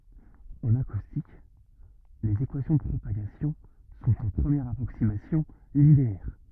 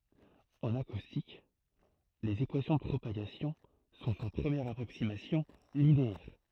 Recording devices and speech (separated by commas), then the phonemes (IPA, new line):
rigid in-ear microphone, throat microphone, read sentence
ɑ̃n akustik lez ekwasjɔ̃ də pʁopaɡasjɔ̃ sɔ̃t ɑ̃ pʁəmjɛʁ apʁoksimasjɔ̃ lineɛʁ